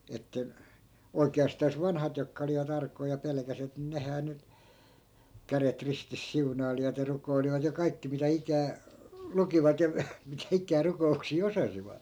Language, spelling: Finnish, että oikeastaan vanhat jotka olivat arkoja ja pelkäsivät niin nehän nyt kädet ristissä siunailivat ja rukoilivat ja kaikki mitä ikänä lukivat ja mitä ikänä rukouksia osasivat
- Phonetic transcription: että , 'oike₍astaas 'vanhat jokka oliva't ‿ark̀oi ja 'pelᵉkäsivät ni 'nehää ny , "käret 'ristis "siunailivat ja 'rukoilivat ja 'kaikki mitä 'ikää , "lukivat ja , mitä 'ik̆kää 'ruko₍uksii "osasivat .

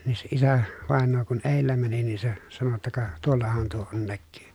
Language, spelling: Finnish, niin se isä vainaja kun edellä meni niin se sanoi jotta ka tuollahan tuo on näkyy
- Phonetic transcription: nii se isä- , -vàennoo kun èillä mäni nin se , sano ‿tta » ka , tuollahan tuo on näkkyy » .

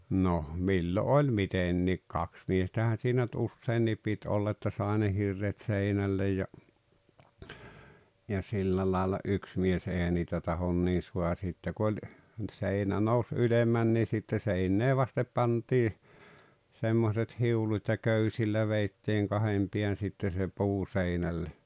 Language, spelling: Finnish, no milloin oli mitenkin kaksi miestähän siinä nyt useinkin piti olla että sai ne hirret seinälle ja ja sillä lailla yksi mies eihän niitä tahdo niin saa sitten kun oli - seinä nousi ylemmäs niin sitten seinää vasten pantiin semmoiset hiulut ja köysillä vedettiin kahden pään sitten se puu seinälle
- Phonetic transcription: noh , 'millo oĺ 'mitenniik "kaks miestähän siinä ⁿʸt 'usseennip pit 'olla että 'sàe ne 'hirret 'seinällej ja , ja 'sillä laalla '’yks mies 'eihä niitä 'tahon niin̬ sua 'sitte ku ol , n̥- 'seinä nous "ylemmän nii sitte 'seinnee vastep 'pantii , semmoset 'hiulut́ ja "köysillä vèittiiŋ 'kahem piän 'sitte se "puu "seinälle .

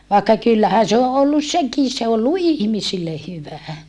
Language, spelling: Finnish, vaikka kyllähän se on ollut sekin se on ollut ihmisille hyvä
- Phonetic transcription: vàekka kyllähä se o ollus seki se o ollu ihmisille hyvä .

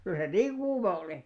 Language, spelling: Finnish, kyllä se niin kuuma oli
- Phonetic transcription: kyl se "niiŋ ɢuuma 'olì .

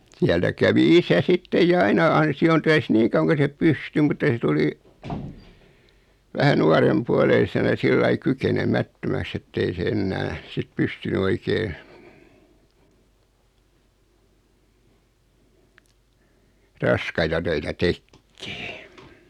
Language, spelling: Finnish, sieltä kävi isä sitten ja aina ansiotöissä niin kauan kun se pystyi mutta se tuli vähän nuoren puoleisena sillä lailla kykenemättömäksi että ei se enää sitten pystynyt oikein raskaita töitä tekemään
- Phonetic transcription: 'siältä kävi "isä 'sittej 'ja "aina ansiontöis 'nii kauwaŋ ko se "pysty mutta se 'tuli , vähä 'nuarem puoleisena sillai 'kykene"mättömäks ‿ettei se 'ennää , sit 'pystyny 'oikee , "raskaita töitä "tekkᴇᴇ .

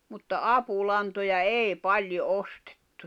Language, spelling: Finnish, mutta apulantoja ei paljon ostettu
- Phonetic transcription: mutta "apulantoja "èi "paĺjo 'ostᴇttᴜ .

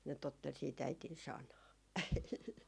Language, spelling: Finnish, ne totteli sitten äidin sanaa
- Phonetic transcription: ne 'tottel siit 'äitin "sanaa .

